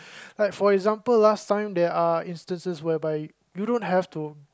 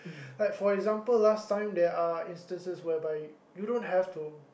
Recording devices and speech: close-talking microphone, boundary microphone, conversation in the same room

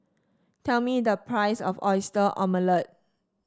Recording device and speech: standing microphone (AKG C214), read sentence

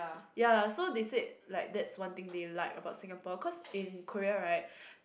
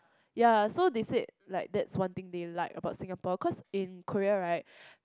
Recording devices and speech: boundary microphone, close-talking microphone, conversation in the same room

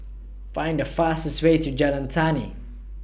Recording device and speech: boundary microphone (BM630), read sentence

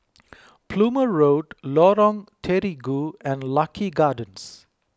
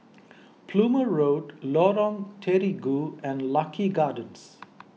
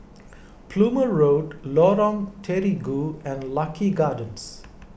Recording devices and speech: close-talking microphone (WH20), mobile phone (iPhone 6), boundary microphone (BM630), read sentence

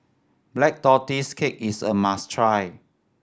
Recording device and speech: standing microphone (AKG C214), read sentence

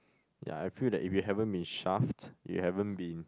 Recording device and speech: close-talking microphone, conversation in the same room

